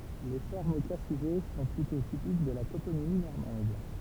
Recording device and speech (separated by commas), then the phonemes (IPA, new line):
temple vibration pickup, read sentence
le fɔʁmz o ka syʒɛ sɔ̃ plytɔ̃ tipik də la toponimi nɔʁmɑ̃d